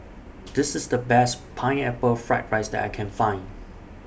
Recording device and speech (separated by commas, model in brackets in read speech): boundary microphone (BM630), read sentence